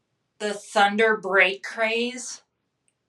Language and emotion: English, disgusted